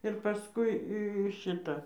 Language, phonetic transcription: Lithuanian, ir paˈskui i ˈšita

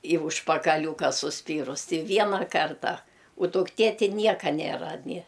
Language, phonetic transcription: Lithuanian, į užpakaˈliūka suˈspyrus ti ˈviena ˈkarta u dukˈtė ti ˈnieka ˈnėra ni

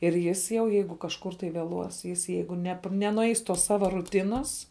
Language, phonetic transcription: Lithuanian, ir ˈjis jau ˈjeigu kažˈkur tai vėˈluos jis ˈjeigu nep nenuˈeis tos ˈsava rūˈtinas

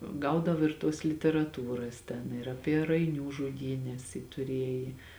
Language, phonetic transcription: Lithuanian, ˈgaudav ir tuos literaˈtūras ten ir aˈpie raiˈnių žuˈdynes ji tuˈrieji

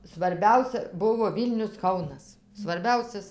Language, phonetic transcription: Lithuanian, svarˈbiausia ˈbuvo ˈvylnius ˈkaunas svarˈbiausias

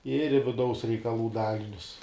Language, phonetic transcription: Lithuanian, ir i viˈdaus reikaˈlų ˈdalinius

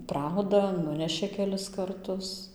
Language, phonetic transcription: Lithuanian, ˈprauda ˈnunešė keˈlis karˈtus

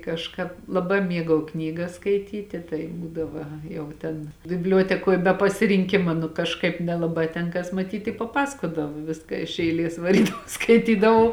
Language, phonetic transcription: Lithuanian, kažˈkāp laˈbā ˈmiegau ˈknygas skaiˈtyti tai ˈbūdava ˈjau ˈten bibˈliuotekoj be pasirinˈkima nu kažˈkaip nelaˈbā ten ˈkas maˈtyt i paˈpasakodavo ˈviska iš eiˈlės vaˈrydavau skaiˈtydavau

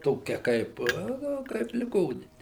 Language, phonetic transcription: Lithuanian, ˈtokia ˈkaip ˈnu ˈkaip liˈgonini

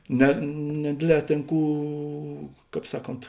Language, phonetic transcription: Lithuanian, ne neˈdėdˌlē ˈtėn ˈkų ˈkāp ˈsaˌkont

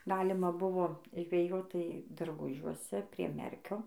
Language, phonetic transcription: Lithuanian, ˈgalima ˈbuvo žveˈjot ˈtai darˈgužiuose prie ˈmerkio

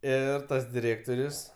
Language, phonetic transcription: Lithuanian, ˈir ˈtas diˈrėktorius

